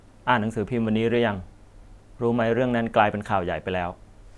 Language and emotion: Thai, neutral